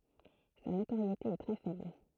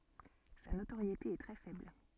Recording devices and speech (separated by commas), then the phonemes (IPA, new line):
throat microphone, soft in-ear microphone, read sentence
sa notoʁjete ɛ tʁɛ fɛbl